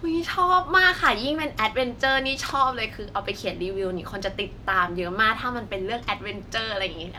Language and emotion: Thai, happy